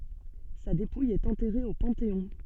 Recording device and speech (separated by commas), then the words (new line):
soft in-ear microphone, read sentence
Sa dépouille est enterrée au Panthéon.